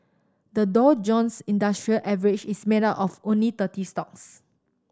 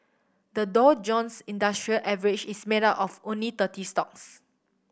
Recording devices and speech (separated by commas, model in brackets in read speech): standing microphone (AKG C214), boundary microphone (BM630), read sentence